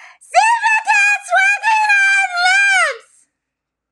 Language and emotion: English, happy